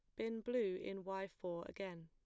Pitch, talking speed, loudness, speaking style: 195 Hz, 195 wpm, -44 LUFS, plain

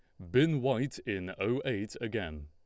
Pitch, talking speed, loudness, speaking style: 110 Hz, 170 wpm, -33 LUFS, Lombard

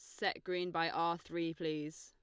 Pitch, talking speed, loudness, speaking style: 165 Hz, 200 wpm, -38 LUFS, Lombard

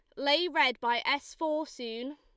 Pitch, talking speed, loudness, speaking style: 285 Hz, 185 wpm, -29 LUFS, Lombard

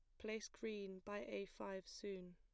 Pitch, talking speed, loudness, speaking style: 200 Hz, 170 wpm, -50 LUFS, plain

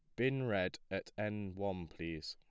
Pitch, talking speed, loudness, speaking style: 100 Hz, 170 wpm, -40 LUFS, plain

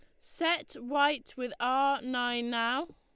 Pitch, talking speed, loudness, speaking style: 265 Hz, 135 wpm, -30 LUFS, Lombard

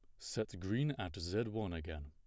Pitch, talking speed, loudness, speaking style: 95 Hz, 195 wpm, -40 LUFS, plain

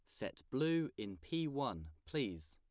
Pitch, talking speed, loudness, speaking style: 100 Hz, 155 wpm, -41 LUFS, plain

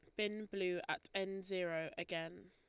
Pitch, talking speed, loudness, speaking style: 180 Hz, 155 wpm, -42 LUFS, Lombard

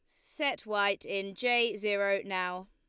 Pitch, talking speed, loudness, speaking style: 200 Hz, 145 wpm, -31 LUFS, Lombard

